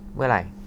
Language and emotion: Thai, frustrated